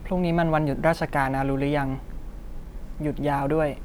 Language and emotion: Thai, neutral